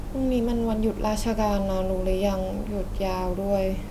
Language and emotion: Thai, frustrated